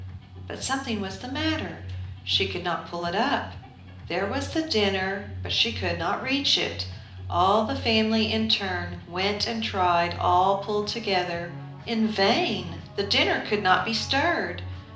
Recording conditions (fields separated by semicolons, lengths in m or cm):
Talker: one person; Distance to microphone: 2.0 m; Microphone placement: close; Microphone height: 99 cm; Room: medium-sized (5.7 m by 4.0 m); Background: music